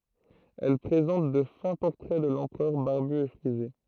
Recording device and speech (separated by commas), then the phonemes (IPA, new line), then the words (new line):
throat microphone, read sentence
ɛl pʁezɑ̃t də fɛ̃ pɔʁtʁɛ də lɑ̃pʁœʁ baʁby e fʁize
Elles présentent de fins portraits de l'empereur barbu et frisé.